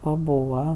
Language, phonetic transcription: Lithuanian, paˈbūva

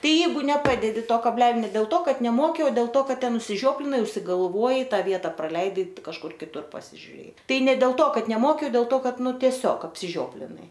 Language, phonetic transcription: Lithuanian, ˈtai ˈjeigu neˈpadedi ˈto kabˈlelio ˈne dėl ˈto ˈkad neˈmoki o dėl ˈto ˈkad ˈten užsiˈžioplinai užsigalˈvuojai ˈtą ˈvieta praˈleidai kažˈkur kiˈtur pasižiuˈrėjai ˈtai ne dėl ˈto ˈkad neˈmoki o del ˈto ˈkad ˈnu tieˈsiog apsiˈžioplinai

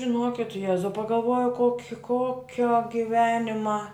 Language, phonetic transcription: Lithuanian, žiˈnokit ˈjezau pagalˈvojau ˈkoki ˈkokio giˈvenima

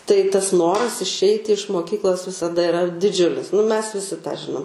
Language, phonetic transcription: Lithuanian, tai tas ˈnoras išˈeiti iš moˈkyklos visaˈda iˈra diˈdžiulis nu mes viˈsi tą ˈžinom

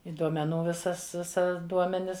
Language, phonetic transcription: Lithuanian, i duomeˈnų ˈvisas ˈvisa ˈduomenis

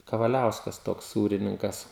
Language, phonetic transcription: Lithuanian, kavaˈliauskas ˈtoks ˈsūrininkas

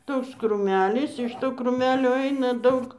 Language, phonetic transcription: Lithuanian, ˈtoks krūˈmelis iš ˈto krūˈmelio ˈaina ˈdaug

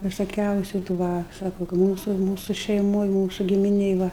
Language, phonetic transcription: Lithuanian, visoˈkiausiu tų ˈva ˈsako ka ˈmūsu šeiˈmoj ˈmūsu gimiˈnėj ˈva

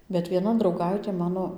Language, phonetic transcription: Lithuanian, bet vieˈna drauˈgaitė ˈmano

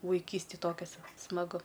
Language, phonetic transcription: Lithuanian, vaiˈkystėj ˈtokias smaˈgu

